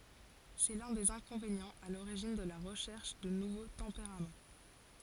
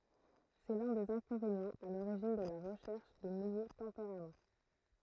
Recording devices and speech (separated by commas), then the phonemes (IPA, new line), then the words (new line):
forehead accelerometer, throat microphone, read sentence
sɛ lœ̃ dez ɛ̃kɔ̃venjɑ̃z a loʁiʒin də la ʁəʃɛʁʃ də nuvo tɑ̃peʁam
C'est l'un des inconvénients à l'origine de la recherche de nouveaux tempéraments.